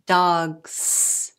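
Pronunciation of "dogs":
'Dogs' is pronounced in an unnatural way here: the final s is not said as the voiced z sound.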